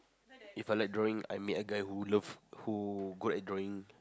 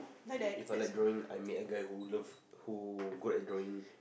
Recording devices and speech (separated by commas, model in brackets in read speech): close-talking microphone, boundary microphone, conversation in the same room